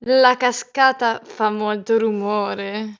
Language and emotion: Italian, disgusted